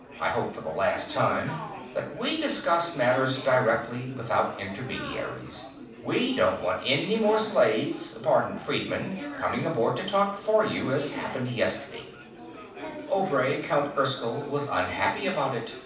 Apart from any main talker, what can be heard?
Crowd babble.